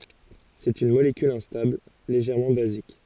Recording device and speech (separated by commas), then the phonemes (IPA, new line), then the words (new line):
forehead accelerometer, read sentence
sɛt yn molekyl ɛ̃stabl leʒɛʁmɑ̃ bazik
C'est une molécule instable, légèrement basique.